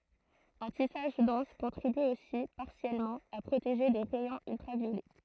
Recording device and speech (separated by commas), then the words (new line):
throat microphone, read sentence
Un tissage dense contribue aussi, partiellement, à protéger des rayons ultraviolets.